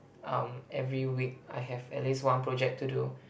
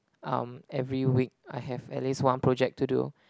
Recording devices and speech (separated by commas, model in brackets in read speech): boundary microphone, close-talking microphone, conversation in the same room